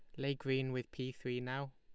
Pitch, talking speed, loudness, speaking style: 130 Hz, 230 wpm, -40 LUFS, Lombard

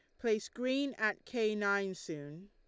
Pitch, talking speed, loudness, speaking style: 210 Hz, 160 wpm, -35 LUFS, Lombard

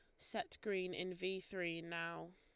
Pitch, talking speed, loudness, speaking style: 180 Hz, 165 wpm, -44 LUFS, Lombard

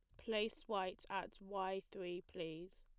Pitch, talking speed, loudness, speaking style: 190 Hz, 140 wpm, -45 LUFS, plain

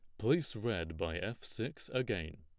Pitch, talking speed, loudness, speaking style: 105 Hz, 165 wpm, -37 LUFS, plain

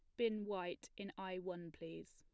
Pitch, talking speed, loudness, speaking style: 185 Hz, 185 wpm, -46 LUFS, plain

